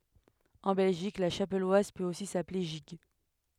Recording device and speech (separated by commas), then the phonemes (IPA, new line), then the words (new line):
headset microphone, read sentence
ɑ̃ bɛlʒik la ʃapɛlwaz pøt osi saple ʒiɡ
En Belgique, la chapelloise peut aussi s'appeler gigue.